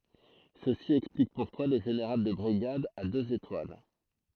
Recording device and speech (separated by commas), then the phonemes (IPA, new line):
throat microphone, read sentence
səsi ɛksplik puʁkwa lə ʒeneʁal də bʁiɡad a døz etwal